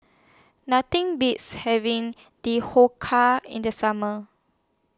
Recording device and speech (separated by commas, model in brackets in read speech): standing microphone (AKG C214), read sentence